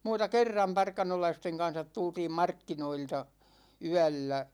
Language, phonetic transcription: Finnish, muuta "kerram 'parkanolaisteŋ kan̬sat 'tultiim "markkinoilta , "yällä .
- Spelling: muuta kerran parkanolaisten kanssa tultiin markkinoilta yöllä

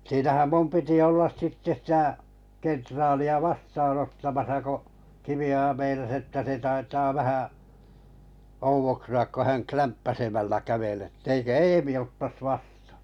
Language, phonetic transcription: Finnish, siinähäm 'mum 'piti 'ollas 'sitte sⁱtä̀ , 'kentraali₍a "vastaanottamasa ko , 'Kivi₍oja meinas että 'se taitaa 'vähä’ , ouvoksu₍ak ko 'häŋ "klämppäsemällä 'kävel ‿ett‿ » eikö "Eemḭ ottas 'vastᴀᴀ ? «
- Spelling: siinähän minun piti olla sitten sitä kenraalia vastaanottamassa kun Kivioja meinasi että se taitaa vähän oudoksua kun hän klämppäisemällä käveli että eikö Eemi ottaisi vastaan

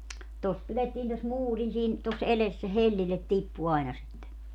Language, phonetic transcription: Finnish, 'tos 'pilettiin tos "muurin siin , tos 'eles - se "hellillet 'tippu aina sitte .
- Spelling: tuossa pidettiin tuossa muurin siinä tuossa edessä se hellille tippui aina sitten

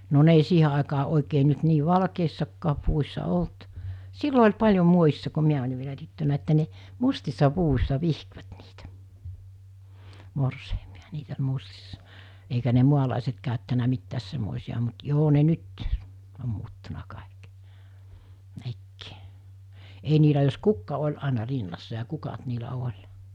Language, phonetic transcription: Finnish, no 'ne ei 'siihe àekaa 'òekee nyt 'nii "val-keissakkaa puvus̜sa 'olt , 'sillo oĺ paĺjo muojissa ko 'miä oĺi vielä tyttönä että ne , 'mustissa 'puvus̜sa 'vihkvät niitä , 'morseimiᴀ "niit ‿oĺ 'mustissa , eikä ne 'mualàiset kàöttänä 'mittääs semmòisi₍a mut 'joo ne 'nyt , om muuttuna 'kàik , 'nekkɪɪ , ei niilä jos 'kukka 'oĺ àena 'rinnassa ja 'kukat niilä 'oĺ .
- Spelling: no ne ei siihen aikaan oikein nyt niin valkeissakaan puvussa ollut silloin oli paljon muodissa kun minä olin vielä tyttönä että ne mustissa puvuissa vihkivät niitä morsiamia niitä oli mustissa eikä ne maalaiset käyttänyt mitään semmoisia mutta joo ne nyt on muuttunut kaikki nekin ei niillä jos kukka oli aina rinnassa ja kukat niillä oli

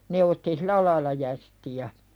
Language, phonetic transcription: Finnish, 'ne otti "silä laila jästi₍ä .
- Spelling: ne otti sillä lailla jästiä

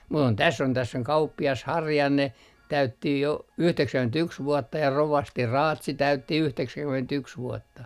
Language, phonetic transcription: Finnish, mu ‿on täss ‿on täs's ‿oŋ 'kauppi₍as "Harjanne , täytti jo , 'yhteksäŋkyment₍yks vuɔtta ja 'rovasti "Raatsi täytti 'yhteksäŋkyment₍yks 'vuɔtta .
- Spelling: mutta on tässä on tässä on kauppias Harjanne täytti jo yhdeksänkymmentäyksi vuotta ja rovasti Raatsi täytti yhdeksänkymmentäyksi vuotta

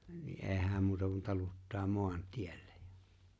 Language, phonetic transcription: Finnish, ni '’e̬e̬ⁱ 'hä̀m muuta kun 'taluttaa 'mo̭an'tiellᴇ .
- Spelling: niin ei hän muuta kuin taluttaa maantielle

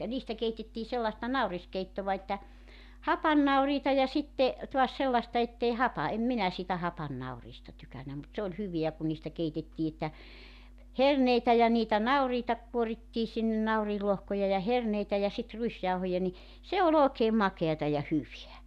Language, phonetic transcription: Finnish, ja 'niistä 'keitettii sellaᵉsta "nauriskeittova että , "hapannauriita ja 'sitte , tuas 'sellasta 'ettei "hapa- , 'em 'minä siitä 'hapannauriista 'tykännä mut 'se oĺ 'hyveä ku niistä 'keitettii että , "herneitä ja niitä "nauriita kuorittii sinne 'nauriillohkoja ja 'herneitä ja sit 'ruisjauhoja ni , se o''l ‿ookeem "makeata ja 'hyveä .
- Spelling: ja niistä keitettiin sellaista nauriskeittoa että hapannauriita ja sitten taas sellaista että ei - en minä siitä hapannauriista tykännyt mutta se oli hyvää kun niistä keitettiin että herneitä ja niitä nauriita kuorittiin sinne nauriinlohkoja ja herneitä ja sitten ruisjauhoja niin se oli oikein makeata ja hyvää

